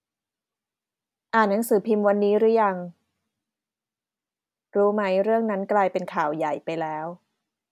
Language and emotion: Thai, neutral